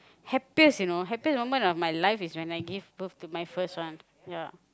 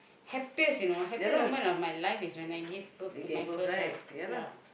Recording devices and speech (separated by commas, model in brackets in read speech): close-talking microphone, boundary microphone, conversation in the same room